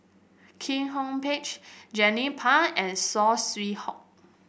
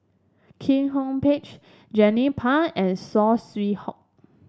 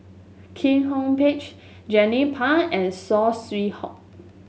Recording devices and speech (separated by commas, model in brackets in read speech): boundary microphone (BM630), standing microphone (AKG C214), mobile phone (Samsung S8), read sentence